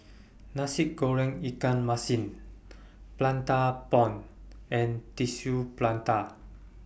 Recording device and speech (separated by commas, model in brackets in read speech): boundary microphone (BM630), read sentence